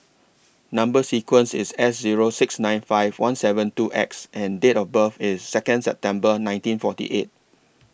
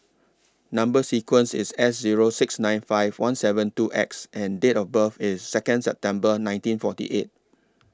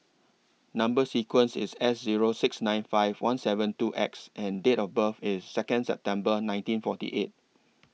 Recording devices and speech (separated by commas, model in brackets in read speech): boundary microphone (BM630), standing microphone (AKG C214), mobile phone (iPhone 6), read sentence